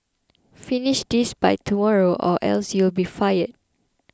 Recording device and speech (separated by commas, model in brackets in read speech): close-talking microphone (WH20), read sentence